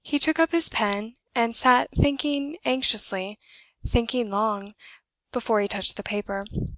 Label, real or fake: real